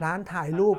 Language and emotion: Thai, neutral